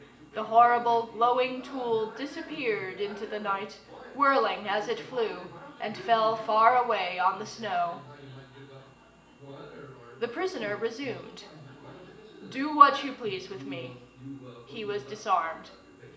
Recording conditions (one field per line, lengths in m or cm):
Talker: one person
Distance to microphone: 1.8 m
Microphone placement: close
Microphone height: 1.0 m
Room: large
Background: television